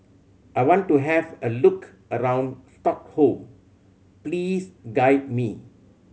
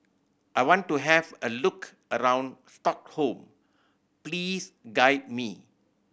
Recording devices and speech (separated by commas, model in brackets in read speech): mobile phone (Samsung C7100), boundary microphone (BM630), read sentence